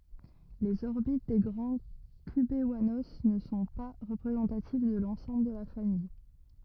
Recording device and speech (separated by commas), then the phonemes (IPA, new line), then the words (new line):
rigid in-ear microphone, read sentence
lez ɔʁbit de ɡʁɑ̃ kybwano nə sɔ̃ pa ʁəpʁezɑ̃tativ də lɑ̃sɑ̃bl də la famij
Les orbites des grands cubewanos ne sont pas représentatives de l’ensemble de la famille.